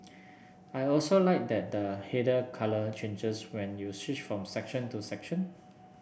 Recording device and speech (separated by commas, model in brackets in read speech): boundary microphone (BM630), read sentence